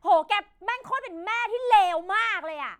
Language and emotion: Thai, angry